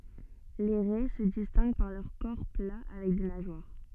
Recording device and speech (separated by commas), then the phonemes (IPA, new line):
soft in-ear microphone, read sentence
le ʁɛ sə distɛ̃ɡ paʁ lœʁ kɔʁ pla avɛk de naʒwaʁ